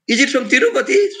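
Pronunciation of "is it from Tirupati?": In 'is it from Tirupati?', the voice rises in a high rise.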